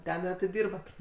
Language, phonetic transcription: Lithuanian, ˈten ir atiˈdirbat

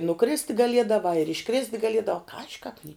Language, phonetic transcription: Lithuanian, nuˈkrist' gaˈliedavā ir išˈkrist' gaˈliedavā ˈkaži kāp ni

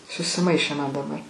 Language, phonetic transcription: Lithuanian, susiˈmaišė man daˈbar

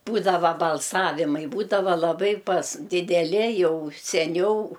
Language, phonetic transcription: Lithuanian, ˈbūdava balˈsavimai ˈbūdava laˈbai pas dideˈli ˈjau seˈniau

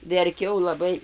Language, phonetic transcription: Lithuanian, verˈkiau laˈbai

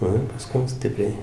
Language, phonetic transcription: Lithuanian, ˈnu ir paˈskum ˈstipriai

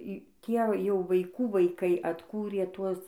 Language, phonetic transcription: Lithuanian, ˈtie jau vaiˈkų vaiˈkai atˈkūrė ˈtuos

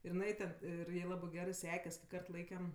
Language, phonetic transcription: Lithuanian, ir iˈnai ten ˈir ˈjai ˈlabɜ ˈgerɜ ˈsekes ki ˈkart ˈlaikem

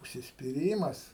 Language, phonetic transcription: Lithuanian, užsispiˈrymas

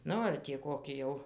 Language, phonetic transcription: Lithuanian, ˈnu ar tį ˈkoki jau

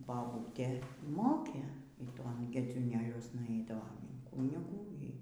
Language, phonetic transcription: Lithuanian, baˈbūtė ˈmokė y ˈton gedziūˈnėliuosna ˈaidavom in ˈkūnigų y

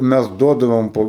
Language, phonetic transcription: Lithuanian, ˈmæs ˈduodavom ˈpo

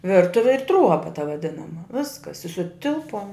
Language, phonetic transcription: Lithuanian, ˈvirtuvi ir ˈtruoba ta vaˈdinama ˈviskas i suˈtilpuom

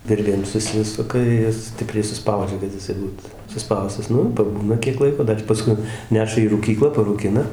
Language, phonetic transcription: Lithuanian, ˈvirvėm suˈsisuka ˈjis ˈstipriai suˈspaudžia kad jiˈsai ˈbūt suˈspaustas ˈnu ir paˈbūna kiek ˈlaiko ˈdar paˈskui ˈneša į rūˈkyklą parūˈkina

